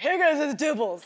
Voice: in coarse voice